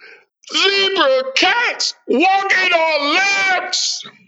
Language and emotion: English, surprised